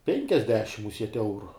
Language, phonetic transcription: Lithuanian, ˈpenkiasdešim muˈsiet' ˈeuru

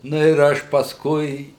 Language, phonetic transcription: Lithuanian, ˈnu ir ˈaš pasˈkui

